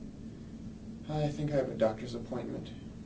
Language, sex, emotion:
English, male, neutral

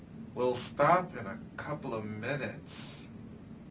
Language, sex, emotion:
English, male, disgusted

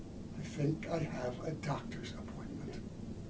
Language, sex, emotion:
English, male, neutral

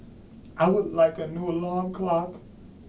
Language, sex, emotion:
English, male, sad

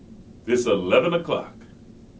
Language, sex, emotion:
English, male, happy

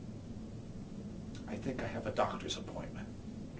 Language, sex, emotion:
English, male, neutral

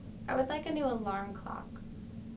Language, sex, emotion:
English, female, neutral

